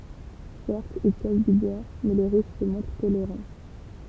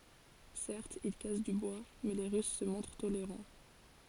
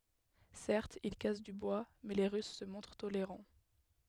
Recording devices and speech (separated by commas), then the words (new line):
temple vibration pickup, forehead accelerometer, headset microphone, read sentence
Certes, ils cassent du bois, mais les Russes se montrent tolérants.